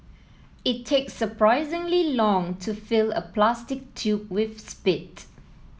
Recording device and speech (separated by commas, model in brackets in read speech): mobile phone (iPhone 7), read sentence